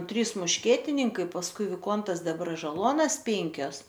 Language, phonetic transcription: Lithuanian, ˈtrys mušˈkietininkai pasˈkui viˈkontas debražaˈluonas ˈpenkios

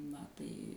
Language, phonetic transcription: Lithuanian, na ˈtai

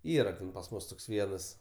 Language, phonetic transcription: Lithuanian, ˈyra ten pas ˈmus toks ˈvienas

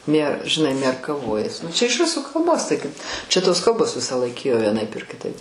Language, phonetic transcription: Lithuanian, mie žiˈnai mierkaˈvojas nu čia iš ˈrusų kalˈbos tai kaip čia tos ˈkalbos ˈvisąˌlaik ˈėjo vieˈnaip ir kiˈtaip

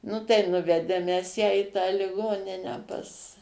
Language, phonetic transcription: Lithuanian, ˈnu tai ˈnuvedėm mes ˈją į tą liˈgoninę pas

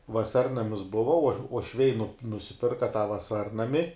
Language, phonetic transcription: Lithuanian, vaˈsarnamis ˈbuva uo uošˈviai nup nusiˈpirka tą vaˈsarnami

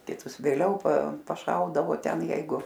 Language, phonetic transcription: Lithuanian, kiˈtus vėˈliau pa paˈšaudavo ˈten ˈjeigu

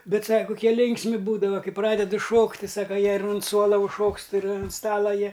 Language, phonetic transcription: Lithuanian, ˈbet ˈsaka kuˈkie ˈlinksmi ˈbūdava ˈkai ˈpradedu ˈšokt' ti ˈsaka ˈjie ir unt ˈsuola užˈšokst ir un ˈstala ˈjie

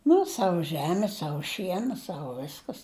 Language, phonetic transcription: Lithuanian, ˈnu ˈsavu ˈžemi ˈsavu ˈšiena ˈsavu ˈviskas

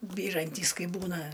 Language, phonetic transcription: Lithuanian, ˈbyrantys ˈkai ˈbūna

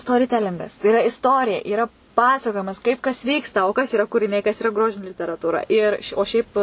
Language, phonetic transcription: Lithuanian, storiˈtelingas tai iˈra isˈtorija yˈra ˈpasakojimas kaip kas ˈvyksta o kas yˈra kuriˈniai kas yˈra ˈgrožini literatūˈra ir o ˈšiaip

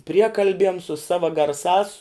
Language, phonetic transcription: Lithuanian, ˈpriekalbiem su ˈsava garˈsās

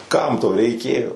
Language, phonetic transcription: Lithuanian, ˈkam to reiˈkėjo

